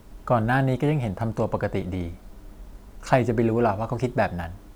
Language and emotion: Thai, neutral